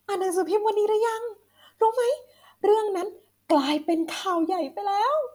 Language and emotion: Thai, happy